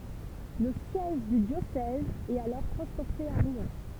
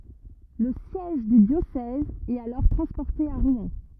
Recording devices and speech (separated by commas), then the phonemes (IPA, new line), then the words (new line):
temple vibration pickup, rigid in-ear microphone, read sentence
lə sjɛʒ dy djosɛz ɛt alɔʁ tʁɑ̃spɔʁte a ʁwɛ̃
Le siège du diocèse est alors transporté à Rouen.